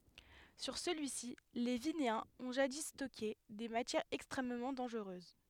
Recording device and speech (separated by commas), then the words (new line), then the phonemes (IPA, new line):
headset microphone, read sentence
Sur celui-ci, les Vinéens ont jadis stocké des matières extrêmement dangereuses.
syʁ səlyi si le vineɛ̃z ɔ̃ ʒadi stɔke de matjɛʁz ɛkstʁɛmmɑ̃ dɑ̃ʒʁøz